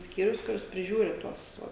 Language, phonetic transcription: Lithuanian, ˈskyrius kuˈris priˈžiūri ˈtuos ˈvo

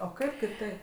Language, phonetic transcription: Lithuanian, o ˈkaip kiˈtaip

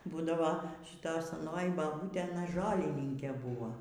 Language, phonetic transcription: Lithuanian, ˈbūdavo šiˈtoj saˈnoji baˈbūtė aˈna ˈžolininkė ˈbuvo

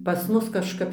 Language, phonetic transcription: Lithuanian, pas ˈmus kažˈkap

